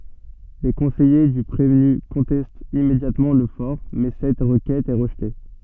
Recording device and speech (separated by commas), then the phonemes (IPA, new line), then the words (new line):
soft in-ear microphone, read sentence
le kɔ̃sɛje dy pʁevny kɔ̃tɛstt immedjatmɑ̃ lə fɔʁ mɛ sɛt ʁəkɛt ɛ ʁəʒte
Les conseillers du prévenu contestent immédiatement le for, mais cette requête est rejetée.